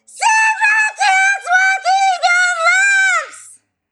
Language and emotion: English, fearful